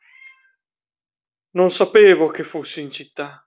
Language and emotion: Italian, sad